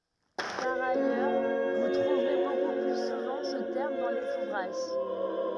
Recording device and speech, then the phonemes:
rigid in-ear microphone, read sentence
paʁ ajœʁ vu tʁuvʁe boku ply suvɑ̃ sə tɛʁm dɑ̃ lez uvʁaʒ

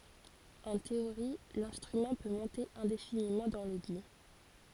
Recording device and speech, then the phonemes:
forehead accelerometer, read sentence
ɑ̃ teoʁi lɛ̃stʁymɑ̃ pø mɔ̃te ɛ̃definimɑ̃ dɑ̃ lɛɡy

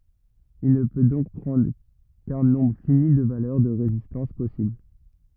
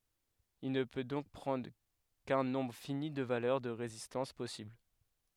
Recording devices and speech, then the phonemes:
rigid in-ear microphone, headset microphone, read sentence
il nə pø dɔ̃k pʁɑ̃dʁ kœ̃ nɔ̃bʁ fini də valœʁ də ʁezistɑ̃s pɔsibl

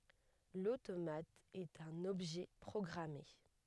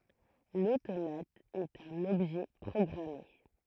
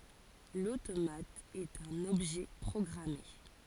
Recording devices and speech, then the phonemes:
headset microphone, throat microphone, forehead accelerometer, read sentence
lotomat ɛt œ̃n ɔbʒɛ pʁɔɡʁame

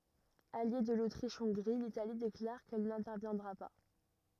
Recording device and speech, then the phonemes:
rigid in-ear microphone, read sentence
alje də lotʁiʃɔ̃ɡʁi litali deklaʁ kɛl nɛ̃tɛʁvjɛ̃dʁa pa

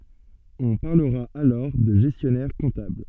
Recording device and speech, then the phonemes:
soft in-ear microphone, read sentence
ɔ̃ paʁləʁa alɔʁ də ʒɛstjɔnɛʁ kɔ̃tabl

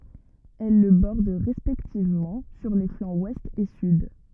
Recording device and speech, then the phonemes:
rigid in-ear microphone, read sentence
ɛl lə bɔʁd ʁɛspɛktivmɑ̃ syʁ le flɑ̃z wɛst e syd

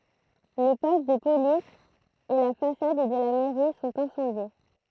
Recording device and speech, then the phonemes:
throat microphone, read sentence
lə pɔst də polis e la fasad də la mɛʁi sɔ̃t ɛ̃sɑ̃dje

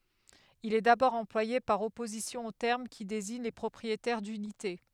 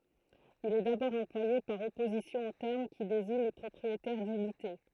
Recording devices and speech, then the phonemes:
headset microphone, throat microphone, read sentence
il ɛ dabɔʁ ɑ̃plwaje paʁ ɔpozisjɔ̃ o tɛʁm ki deziɲ le pʁɔpʁietɛʁ dynite

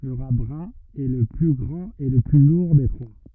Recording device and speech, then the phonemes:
rigid in-ear microphone, read sentence
lə ʁa bʁœ̃ ɛ lə ply ɡʁɑ̃t e lə ply luʁ de tʁwa

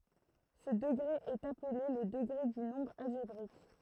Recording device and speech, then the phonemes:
throat microphone, read sentence
sə dəɡʁe ɛt aple lə dəɡʁe dy nɔ̃bʁ alʒebʁik

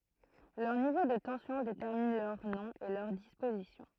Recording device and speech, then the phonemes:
throat microphone, read sentence
lœʁ nivo də tɑ̃sjɔ̃ detɛʁmin lœʁ nɔ̃ e lœʁ dispozisjɔ̃

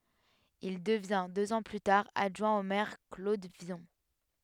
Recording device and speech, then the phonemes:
headset microphone, read sentence
il dəvjɛ̃ døz ɑ̃ ply taʁ adʒwɛ̃ o mɛʁ klod vjɔ̃

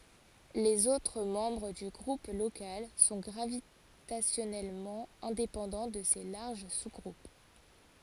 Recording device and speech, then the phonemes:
forehead accelerometer, read sentence
lez otʁ mɑ̃bʁ dy ɡʁup lokal sɔ̃ ɡʁavitasjɔnɛlmɑ̃ ɛ̃depɑ̃dɑ̃ də se laʁʒ suzɡʁup

